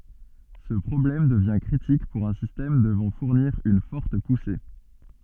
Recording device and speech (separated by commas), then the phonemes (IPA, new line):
soft in-ear microphone, read sentence
sə pʁɔblɛm dəvjɛ̃ kʁitik puʁ œ̃ sistɛm dəvɑ̃ fuʁniʁ yn fɔʁt puse